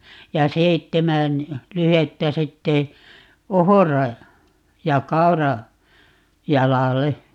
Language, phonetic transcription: Finnish, ja "seittemän , 'lyhettä 'sitte , "ohora- , ja "kau̬ra- , '-jalale .
- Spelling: ja seitsemän lyhdettä sitten ohra- ja - kaurajalalle

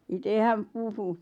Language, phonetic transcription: Finnish, 'ite häm 'puhu .
- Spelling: itse hän puhui

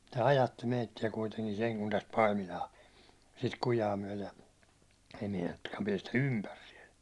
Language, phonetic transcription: Finnish, tä "ajatti 'meitti₍ä kuiteŋkin seŋ kun täst "Paimilaa , sit 'kujaa myäₒlej ja , ei meinattukkaam piɛstä "ympär siɛl .
- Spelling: että ajatti meitä kuitenkin sen kun tästä Paimilaan sitä kujaa myöten ja ei meinattukaan päästä ympäri siellä

